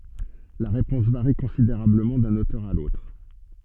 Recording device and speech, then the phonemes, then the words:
soft in-ear microphone, read sentence
la ʁepɔ̃s vaʁi kɔ̃sideʁabləmɑ̃ dœ̃n otœʁ a lotʁ
La réponse varie considérablement d'un auteur à l'autre.

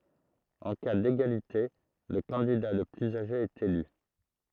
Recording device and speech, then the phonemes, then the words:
throat microphone, read sentence
ɑ̃ ka deɡalite lə kɑ̃dida lə plyz aʒe ɛt ely
En cas d'égalité, le candidat le plus âgé est élu.

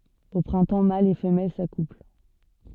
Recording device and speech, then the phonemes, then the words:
soft in-ear microphone, read sentence
o pʁɛ̃tɑ̃ malz e fəmɛl sakupl
Au printemps mâles et femelles s'accouplent.

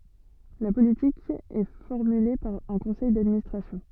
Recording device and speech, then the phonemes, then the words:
soft in-ear microphone, read sentence
la politik ɛ fɔʁmyle paʁ œ̃ kɔ̃sɛj dadministʁasjɔ̃
La politique est formulée par un conseil d'administration.

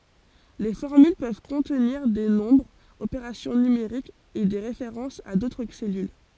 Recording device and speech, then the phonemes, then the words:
forehead accelerometer, read sentence
le fɔʁmyl pøv kɔ̃tniʁ de nɔ̃bʁz opeʁasjɔ̃ nymeʁikz e de ʁefeʁɑ̃sz a dotʁ sɛlyl
Les formules peuvent contenir des nombres, opérations numériques et des références à d'autres cellules.

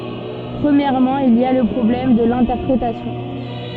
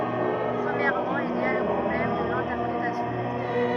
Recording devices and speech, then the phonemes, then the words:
soft in-ear microphone, rigid in-ear microphone, read sentence
pʁəmjɛʁmɑ̃ il i a lə pʁɔblɛm də lɛ̃tɛʁpʁetasjɔ̃
Premièrement il y a le problème de l'interprétation.

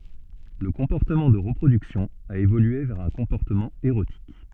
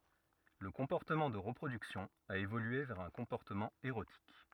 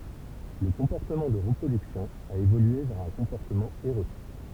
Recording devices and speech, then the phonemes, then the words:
soft in-ear microphone, rigid in-ear microphone, temple vibration pickup, read sentence
lə kɔ̃pɔʁtəmɑ̃ də ʁəpʁodyksjɔ̃ a evolye vɛʁ œ̃ kɔ̃pɔʁtəmɑ̃ eʁotik
Le comportement de reproduction a évolué vers un comportement érotique.

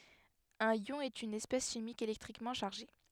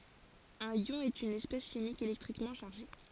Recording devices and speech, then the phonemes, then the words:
headset microphone, forehead accelerometer, read sentence
œ̃n jɔ̃ ɛt yn ɛspɛs ʃimik elɛktʁikmɑ̃ ʃaʁʒe
Un ion est une espèce chimique électriquement chargée.

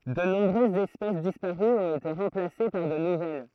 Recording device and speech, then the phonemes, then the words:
throat microphone, read sentence
də nɔ̃bʁøzz ɛspɛs dispaʁyz ɔ̃t ete ʁɑ̃plase paʁ də nuvɛl
De nombreuses espèces disparues ont été remplacées par de nouvelles.

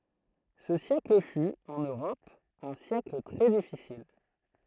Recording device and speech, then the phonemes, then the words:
throat microphone, read sentence
sə sjɛkl fy ɑ̃n øʁɔp œ̃ sjɛkl tʁɛ difisil
Ce siècle fut, en Europe, un siècle très difficile.

